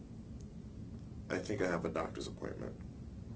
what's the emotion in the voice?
neutral